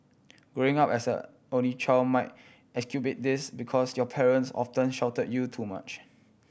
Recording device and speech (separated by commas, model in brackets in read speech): boundary microphone (BM630), read sentence